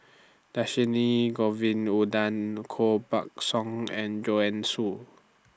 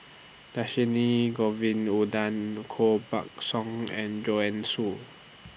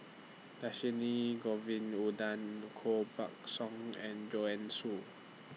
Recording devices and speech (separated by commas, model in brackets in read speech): standing microphone (AKG C214), boundary microphone (BM630), mobile phone (iPhone 6), read sentence